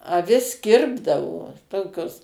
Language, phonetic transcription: Lithuanian, aˈvis ˈkirpdavo ˈtokios

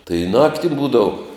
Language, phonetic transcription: Lithuanian, tai ˈnakti ˈbūdavu

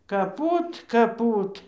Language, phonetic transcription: Lithuanian, kaˈpūt kaˈpūt

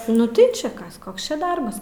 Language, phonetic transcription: Lithuanian, nu ˈtai čia ˈkas ˈkoks čia ˈdarbas

